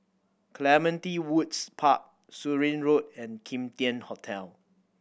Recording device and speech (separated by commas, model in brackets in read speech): boundary microphone (BM630), read sentence